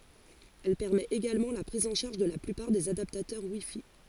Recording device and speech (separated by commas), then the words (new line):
forehead accelerometer, read sentence
Elle permet également la prise en charge de la plupart des adaptateurs WiFi.